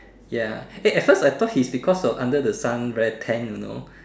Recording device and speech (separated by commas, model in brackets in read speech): standing microphone, conversation in separate rooms